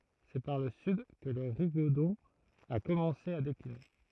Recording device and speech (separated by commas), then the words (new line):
throat microphone, read sentence
C’est par le sud que le rigodon a commencé à décliner.